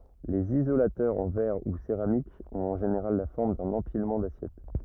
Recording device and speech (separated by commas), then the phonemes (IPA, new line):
rigid in-ear microphone, read sentence
lez izolatœʁz ɑ̃ vɛʁ u seʁamik ɔ̃t ɑ̃ ʒeneʁal la fɔʁm dœ̃n ɑ̃pilmɑ̃ dasjɛt